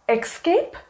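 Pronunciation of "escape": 'Escape' is pronounced incorrectly here.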